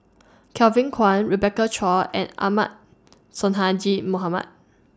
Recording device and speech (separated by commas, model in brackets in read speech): standing microphone (AKG C214), read sentence